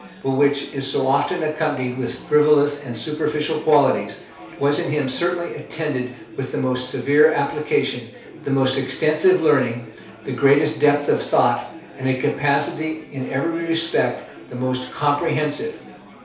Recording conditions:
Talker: one person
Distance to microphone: 3.0 m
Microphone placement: far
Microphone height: 1.8 m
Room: small (3.7 m by 2.7 m)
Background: babble

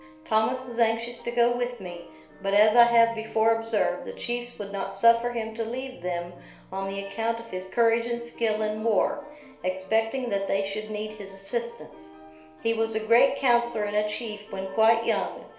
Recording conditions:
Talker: one person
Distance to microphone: 1.0 m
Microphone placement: close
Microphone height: 1.1 m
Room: small (3.7 m by 2.7 m)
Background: music

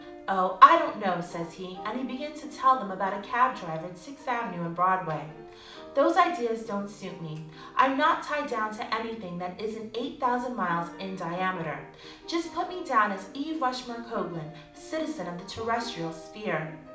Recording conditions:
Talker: one person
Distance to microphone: 2.0 m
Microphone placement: close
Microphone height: 99 cm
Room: medium-sized (5.7 m by 4.0 m)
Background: music

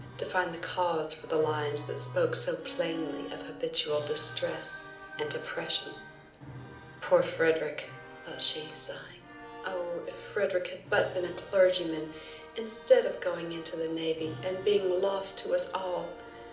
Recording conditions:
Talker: one person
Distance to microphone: 2.0 m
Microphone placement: close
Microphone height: 99 cm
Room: medium-sized (5.7 m by 4.0 m)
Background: music

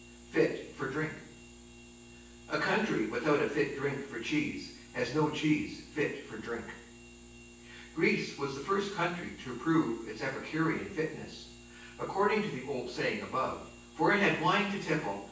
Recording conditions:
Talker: one person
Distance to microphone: 9.8 m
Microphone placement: far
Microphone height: 1.8 m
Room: large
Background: none

